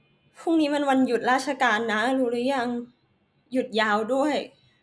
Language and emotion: Thai, sad